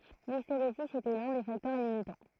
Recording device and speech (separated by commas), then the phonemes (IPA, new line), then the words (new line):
throat microphone, read sentence
listeʁezi etɛ lœ̃ de faktœʁ limitɑ̃
L'hystérésis était l'un des facteurs limitants.